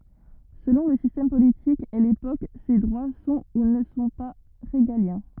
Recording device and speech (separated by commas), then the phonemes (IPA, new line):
rigid in-ear microphone, read sentence
səlɔ̃ lə sistɛm politik e lepok se dʁwa sɔ̃ u nə sɔ̃ pa ʁeɡaljɛ̃